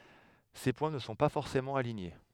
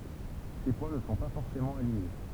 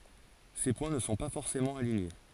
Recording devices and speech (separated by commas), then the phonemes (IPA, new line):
headset microphone, temple vibration pickup, forehead accelerometer, read sentence
se pwɛ̃ nə sɔ̃ pa fɔʁsemɑ̃ aliɲe